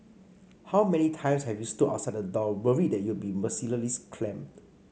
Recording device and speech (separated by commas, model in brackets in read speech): mobile phone (Samsung C5), read sentence